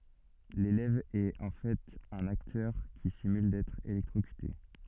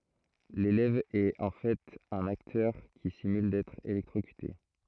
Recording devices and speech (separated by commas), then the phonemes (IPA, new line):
soft in-ear microphone, throat microphone, read sentence
lelɛv ɛt ɑ̃ fɛt œ̃n aktœʁ ki simyl dɛtʁ elɛktʁokyte